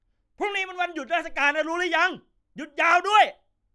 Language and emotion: Thai, angry